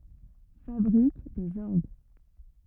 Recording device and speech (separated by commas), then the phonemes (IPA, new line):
rigid in-ear microphone, read sentence
fabʁik dez ɔʁɡ